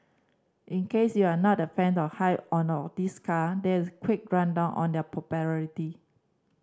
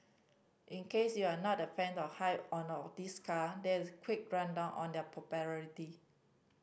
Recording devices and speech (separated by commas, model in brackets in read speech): standing microphone (AKG C214), boundary microphone (BM630), read sentence